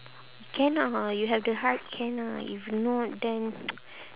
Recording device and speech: telephone, conversation in separate rooms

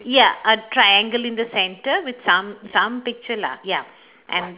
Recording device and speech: telephone, conversation in separate rooms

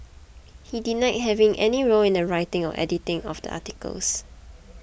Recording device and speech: boundary microphone (BM630), read sentence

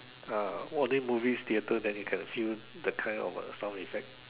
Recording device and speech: telephone, conversation in separate rooms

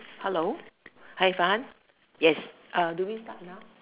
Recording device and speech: telephone, conversation in separate rooms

